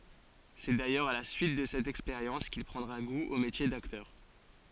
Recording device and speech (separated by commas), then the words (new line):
forehead accelerometer, read sentence
C'est d'ailleurs à la suite de cette expérience qu'il prendra goût au métier d'acteur.